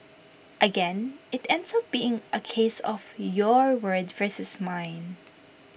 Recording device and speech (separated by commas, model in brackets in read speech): boundary microphone (BM630), read sentence